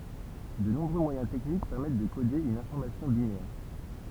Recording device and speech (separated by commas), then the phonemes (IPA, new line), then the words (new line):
temple vibration pickup, read sentence
də nɔ̃bʁø mwajɛ̃ tɛknik pɛʁmɛt də kode yn ɛ̃fɔʁmasjɔ̃ binɛʁ
De nombreux moyens techniques permettent de coder une information binaire.